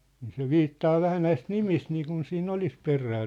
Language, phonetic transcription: Finnish, nii se "viittaa 'vähä näist "nimist 'niikun siin"n ‿olis 'perää .
- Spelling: niin se viittaa vähän näistä nimistä niin kuin siinä olisi perää

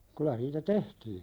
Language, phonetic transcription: Finnish, kylä niitä "tehtiiɴ .
- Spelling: kyllä niitä tehtiin

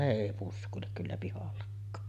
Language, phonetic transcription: Finnish, 'ne èi 'pusk̀uilek kyllä 'pihallakkaa .
- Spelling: ne ei puske kyllä pihallakaan

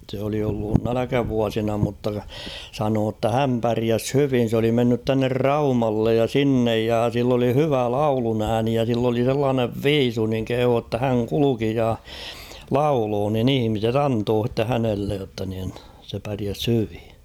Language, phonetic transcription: Finnish, se oli ollun 'näläkävuasina mutta , sanoo ‿ttä 'häm päriäs "hyvin̬ s ‿oli mennyt tuanner "Raumallej ja "sinnej ja sill ‿oli "hyvä "laulunääni ja sill ‿oli sellaanev "viisu niŋ 'kehuu ‿tta 'häŋ "kuluki ja , "lauloo nin ‿'ihⁱmiset "antoo h̬itte 'hänellej jotta nin , se päriäs 'hyvi .
- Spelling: se oli ollut nälkävuosina mutta sanoi että hän pärjäsi hyvin se oli mennyt tuonne Raumalle ja sinne ja sillä oli hyvä lauluääni ja sillä oli sellainen viisu niin kehui jotta hän kulki ja lauloi niin ihmiset antoivat sitten hänelle jotta niin se pärjäsi hyvin

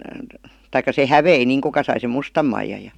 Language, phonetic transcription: Finnish, taikka 'se "hävei niiŋ kuka sai sem "mustam maijaj ja .
- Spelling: tai se hävisi niin kuka sai sen mustan maijan ja

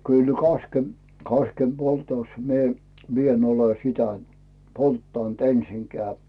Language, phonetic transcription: Finnish, kyl 'kaskem- , 'kaskem'Boltòs mie , 'mi ‿en ole "sitä 'polttant 'ensiŋkeä̀ .
- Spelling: kyllä - kaskenpoltossa minä minä en ole sitä polttanut ensinkään

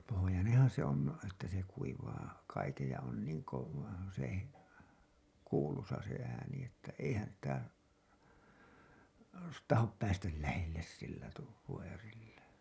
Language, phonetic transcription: Finnish, pohojaneḛhan se ‿on , että se kuivaa kaikej ja on niiŋ kov- , se , 'kuulusa se ääni että 'eihän sitä , "tahop 'päästäl lähelles sillä tuu- , (föö)rillä .
- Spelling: pohjoinenhan se on että se kuivaa kaiken ja on niin - se kuuluisa se ääni että eihän sitä tahdo päästä lähelle sillä - vyörillä

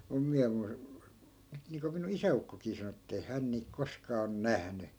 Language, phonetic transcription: Finnish, mum 'miä mu- , 'nyt niiŋko minu'n ‿isä₍ukkokii sano ettei 'hän niik 'koskaa on "nähny .
- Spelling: minun minä - nyt niin kuin minun isäukkokin sanoi että ei hän niitä koskaan ole nähnyt

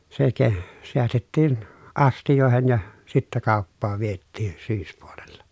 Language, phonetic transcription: Finnish, se ke- , seästettiin , astijòehen ja , sittä kàoppaav viettiin̬ syyspuolella .
- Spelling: se - säästettiin astioihin ja sitten kauppaan vietiin syyspuolella

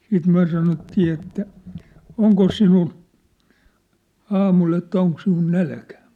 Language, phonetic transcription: Finnish, siit 'myä̭ sanottii että , » 'oŋkos sinul « , 'aamul ‿että » 'oŋk sinul 'nälkᴀ̈ ? «
- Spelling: sitten me sanottiin että onkos sinulla aamulla että onko sinulla nälkä

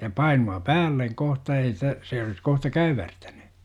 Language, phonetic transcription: Finnish, ja 'painu₍a "päälleŋ 'kohta ei sitä , se olis 'kohta "käywärtäny .
- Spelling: ja painua päälle kohta ei sitä se olisi kohta käyvärtänyt

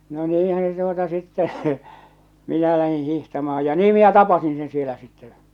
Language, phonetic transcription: Finnish, no 'niihän̬ se tuota sittɛ. , minä lähiḭ 'hihtamaa ja 'nii minä "tapasin sen sielä sitte ḛ .
- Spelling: no niinhän se tuota sitten minä lähdin hiihtämään ja niin minä tapasin sen siellä sitten -

